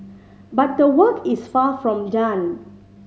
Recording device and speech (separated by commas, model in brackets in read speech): mobile phone (Samsung C5010), read sentence